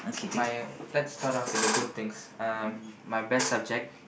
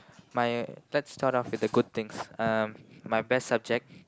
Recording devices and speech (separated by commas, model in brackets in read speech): boundary microphone, close-talking microphone, conversation in the same room